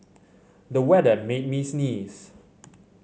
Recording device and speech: mobile phone (Samsung C7100), read sentence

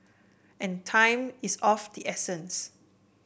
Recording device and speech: boundary microphone (BM630), read sentence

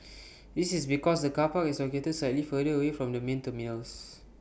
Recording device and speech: boundary microphone (BM630), read sentence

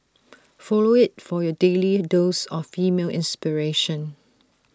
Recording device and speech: standing microphone (AKG C214), read sentence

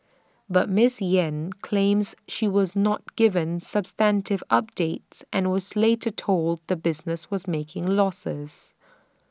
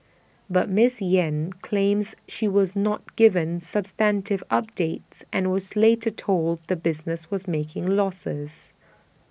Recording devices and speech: standing microphone (AKG C214), boundary microphone (BM630), read sentence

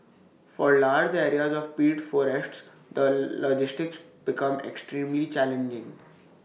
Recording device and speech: mobile phone (iPhone 6), read sentence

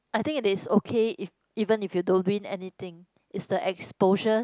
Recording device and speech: close-talking microphone, conversation in the same room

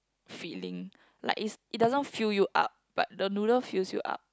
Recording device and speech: close-talking microphone, conversation in the same room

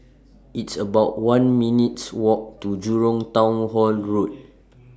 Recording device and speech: standing microphone (AKG C214), read sentence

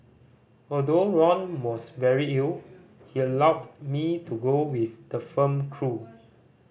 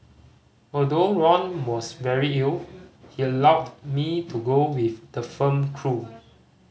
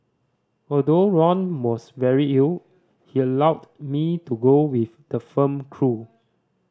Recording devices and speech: boundary microphone (BM630), mobile phone (Samsung C5010), standing microphone (AKG C214), read sentence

